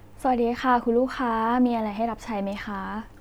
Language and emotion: Thai, neutral